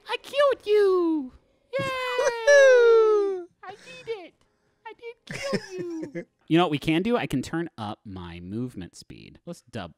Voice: high-pitched